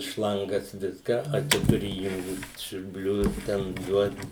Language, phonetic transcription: Lithuanian, ˈšlangas ˈviską a ˈčia tuˈri įˈjungt siurˈblius ten ˈduot

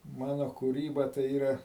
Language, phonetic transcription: Lithuanian, ˈmano kūˈryba tai ˈyra

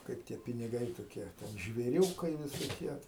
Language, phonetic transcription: Lithuanian, ˈkaip tie piniˈgai toˈkie ˈten žvėˈriūkai visoˈkie

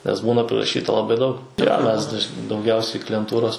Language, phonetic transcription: Lithuanian, nes ˈbūna priraˈšyta laˈbai daug jo ˈmes daž dauˈgiausiai klijenˈtūros

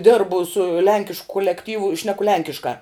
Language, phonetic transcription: Lithuanian, ˈdirbu su ˈlenkišk kulekˈtyvu i ˈšneku ˈlenkiškā

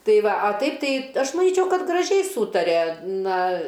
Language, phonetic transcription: Lithuanian, ˈtai ˈva a ˈtaip ˈtai ˈaš maˈnyčiau ˈkad graˈžiai ˈsūtaria ˈna

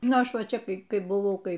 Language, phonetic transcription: Lithuanian, ˈnu ˈaš ˈva ˈčia ˈkai ˈkai buˈvau ˈkai

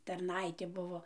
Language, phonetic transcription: Lithuanian, tarˈnaitė ˈbuvo

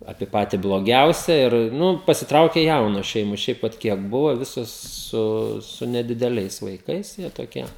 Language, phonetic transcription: Lithuanian, ˈapie ˈpati bloˈgiausia ir ˈnu pasiˈtraukė ˈjaunos ˈšeimos ˈšiaip vat ˈkiek ˈbuvo ˈvisos ˈsu su nedideˈliais vaiˈkais jie toˈkie

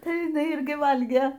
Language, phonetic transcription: Lithuanian, ˈtai jiˈnai irˈgi ˈvalgė

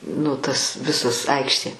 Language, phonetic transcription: Lithuanian, nu tas ˈvisas ˈaikštė

